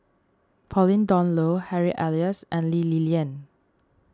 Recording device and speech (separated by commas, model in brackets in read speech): standing microphone (AKG C214), read sentence